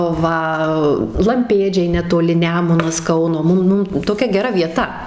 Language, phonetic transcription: Lithuanian, ˈva lamˈpėdžiai netoˈli ˈnemunas ˈkauno ˈmum ˈmum toˈkia geˈra vieˈta

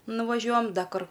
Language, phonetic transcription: Lithuanian, nuvaˈžiuojam ˈda ˈkur

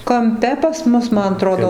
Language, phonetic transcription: Lithuanian, kamˈpe pas ˈmus ˈman aˈtrodo

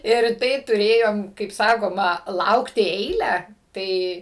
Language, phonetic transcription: Lithuanian, ir ˈtai tuˈrėjom kaip ˈsakoma ˈlaukti ˈeilę ˈtai

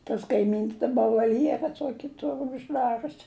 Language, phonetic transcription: Lithuanian, tas kaiˈmyns daˈba valˈjera ˈtuoki ˈtur užˈdarius

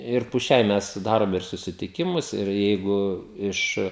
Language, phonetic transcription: Lithuanian, ir pu ˈšiai ˈmes ˈdarom ir susitiˈkimus ir ˈjeigu ˈiš

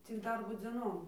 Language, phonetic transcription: Lithuanian, cik ˈdarbo dzėˈnom

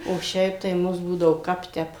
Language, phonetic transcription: Lithuanian, o ˈšiaip tai ˈmus ˈbūdavo ˈkap ˈtep

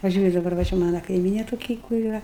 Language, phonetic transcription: Lithuanian, paˈžiūriu daˈbar va ˈčia ˈmana kaiˈmynė toˈki kur yˈra

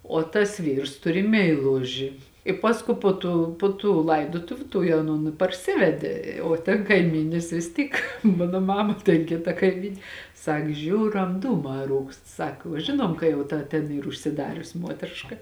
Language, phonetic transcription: Lithuanian, o tas ˈvyrs ˈturi meiˈluži i ˈpaskū ˈpo tų ˈpo tų ˈlaidotuviu ˈtuoj aˈnon i parˈsivedė o ten kaiˈmynis vis ˈtyk ˈmano ˈmama ten ˈkita kaiˈmyn' ˈsak ˈžiūram ˈdūmā ˈrūkst ˈsak uo ˈžinuom ka jau ˈta ten ˈyr užsiˈdarius ˈmuotriška

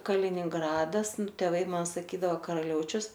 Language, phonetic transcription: Lithuanian, kalininˈgradas tėˈvai ˈman saˈkydavo karaˈliaučius

